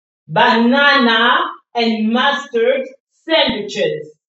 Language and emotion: English, angry